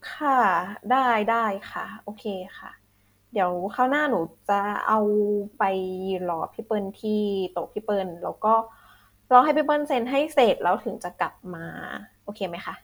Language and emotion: Thai, neutral